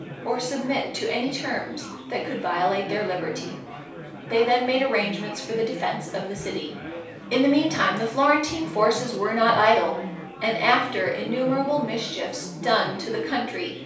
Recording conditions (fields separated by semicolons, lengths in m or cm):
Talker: one person; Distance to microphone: 3.0 m; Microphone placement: far; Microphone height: 1.8 m; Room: small (3.7 m by 2.7 m); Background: babble